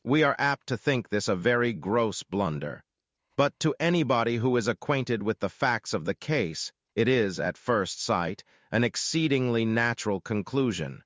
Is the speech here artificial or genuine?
artificial